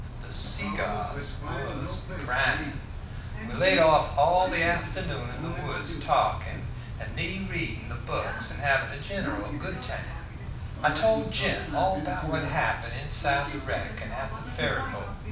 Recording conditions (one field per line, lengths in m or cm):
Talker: one person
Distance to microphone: 5.8 m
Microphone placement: far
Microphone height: 1.8 m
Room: medium-sized (5.7 m by 4.0 m)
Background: television